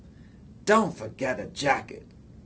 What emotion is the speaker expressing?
disgusted